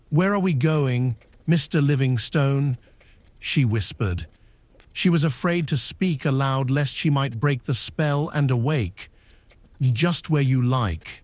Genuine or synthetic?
synthetic